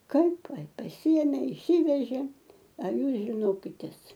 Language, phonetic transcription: Lithuanian, ˈkaip pasiˈėmė išˈsivežė a ˈjūs žiˈnokitės

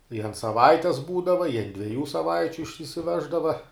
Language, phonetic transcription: Lithuanian, ir ant saˈvaites ˈbūdava i ant dvieˈjų saˈvaičiu išsisiˈveždava

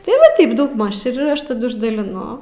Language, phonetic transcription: Lithuanian, tai ˈva ˈtaip daugˈmaž ir ˈaš taˈdu išdaliˈnu

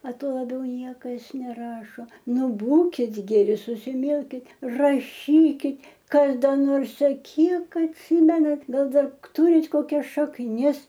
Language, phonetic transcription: Lithuanian, a ˈtuo laˈbiau ˈniekas neˈrašo ˈnu ˈbūkit geˈri susiˈmilkit raˈšykit ˈkas ˈda nors a ˈkiek atˈsimenat ˈgal ˈdar ˈturit koˈkias šakˈnis

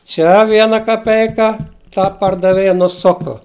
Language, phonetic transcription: Lithuanian, ˈčia ˈviena kaˈpeika ˈta pardaˈvėja nuˈsuku

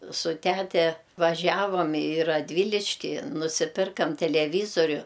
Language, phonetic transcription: Lithuanian, su ˈtæte vaˈžiavam i raˈdvyliški nusiˈpirkam teleˈvyzoriu

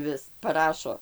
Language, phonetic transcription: Lithuanian, ˈvis paˈrašo

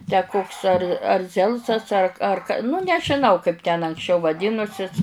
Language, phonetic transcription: Lithuanian, tę ˈkoks ar ar ˈzelsas ar ˈar nu nežiˈnau kaip ten anksˈčiau vaˈdynusis

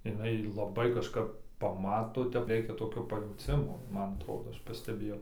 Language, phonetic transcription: Lithuanian, iˈnai laˈbai kažˈkap paˈmato ˈtep ˈreikia toˈkio pajauˈcimo ˈman atˈrodo ˈaš pasteˈbėjau

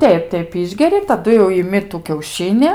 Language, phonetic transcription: Lithuanian, ˈteip ˈteip ˈišgeri taˈdu jau iˈmi tu kiauˈšini

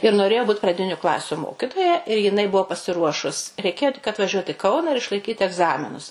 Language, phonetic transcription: Lithuanian, ir noˈrėjo ˈbūt praˈdiniu ˈklasiu ˈmokitoja ir jiˈnai ˈbuvo pasiˈruošus reiˈkėjo tik atvaˈžiuot i ˈkauna ir išlaiˈkyt egˈzaminus

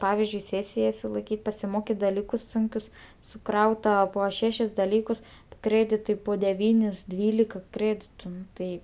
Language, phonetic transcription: Lithuanian, ˈpavizdžiui ˈsėsija išsilaiˈkyt' pasiˈmokit daˈlykus ˈsunkius suˈkrauta ˈpo ˈšešis daˈlykus ˈkrėditai po deˈvynis ˈdvylika ˈkrėditu ˈnu tai

